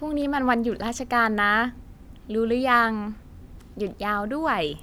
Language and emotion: Thai, happy